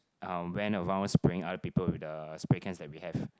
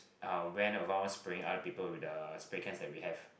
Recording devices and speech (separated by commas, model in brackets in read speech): close-talking microphone, boundary microphone, conversation in the same room